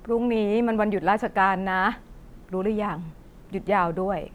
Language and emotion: Thai, neutral